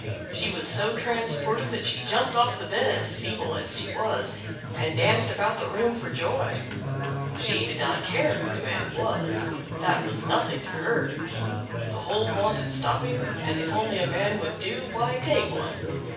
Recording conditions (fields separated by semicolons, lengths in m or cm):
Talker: one person; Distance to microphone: 9.8 m; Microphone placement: far; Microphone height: 1.8 m; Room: large; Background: babble